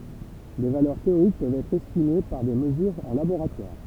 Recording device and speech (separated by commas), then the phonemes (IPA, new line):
temple vibration pickup, read sentence
de valœʁ teoʁik pøvt ɛtʁ ɛstime paʁ de məzyʁz ɑ̃ laboʁatwaʁ